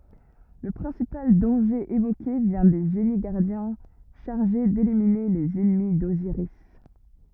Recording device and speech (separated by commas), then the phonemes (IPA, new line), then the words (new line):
rigid in-ear microphone, read sentence
lə pʁɛ̃sipal dɑ̃ʒe evoke vjɛ̃ de ʒeni ɡaʁdjɛ̃ ʃaʁʒe delimine lez ɛnmi doziʁis
Le principal danger évoqué vient des génies-gardiens chargés d'éliminer les ennemis d'Osiris.